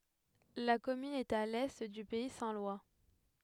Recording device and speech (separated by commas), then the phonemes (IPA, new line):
headset microphone, read sentence
la kɔmyn ɛt a lɛ dy pɛi sɛ̃ lwa